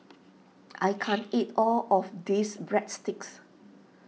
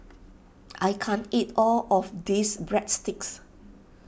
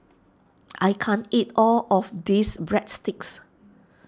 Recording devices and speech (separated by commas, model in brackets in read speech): mobile phone (iPhone 6), boundary microphone (BM630), standing microphone (AKG C214), read sentence